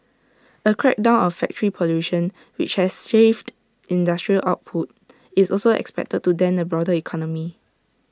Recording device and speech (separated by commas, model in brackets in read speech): standing microphone (AKG C214), read sentence